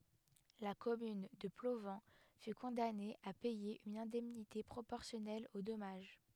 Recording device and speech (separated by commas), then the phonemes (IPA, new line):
headset microphone, read sentence
la kɔmyn də plovɑ̃ fy kɔ̃dane a pɛje yn ɛ̃dɛmnite pʁopɔʁsjɔnɛl o dɔmaʒ